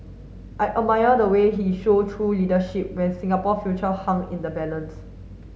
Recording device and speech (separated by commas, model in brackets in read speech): mobile phone (Samsung S8), read sentence